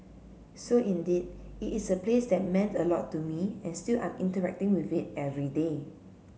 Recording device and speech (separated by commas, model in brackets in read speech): mobile phone (Samsung C7), read sentence